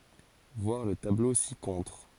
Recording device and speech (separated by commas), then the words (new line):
forehead accelerometer, read sentence
Voir le tableau ci-contre.